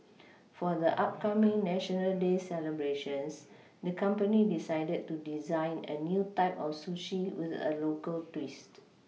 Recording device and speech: mobile phone (iPhone 6), read sentence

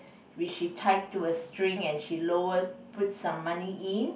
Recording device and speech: boundary microphone, conversation in the same room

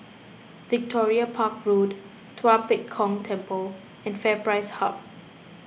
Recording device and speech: boundary microphone (BM630), read sentence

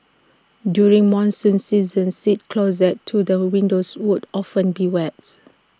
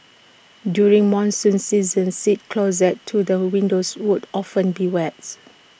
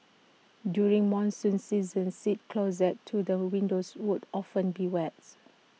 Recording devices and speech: standing microphone (AKG C214), boundary microphone (BM630), mobile phone (iPhone 6), read sentence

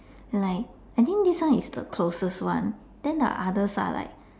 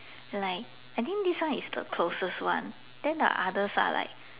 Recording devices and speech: standing microphone, telephone, conversation in separate rooms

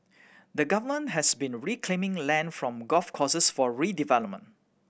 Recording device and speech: boundary microphone (BM630), read sentence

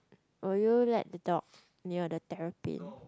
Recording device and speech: close-talking microphone, conversation in the same room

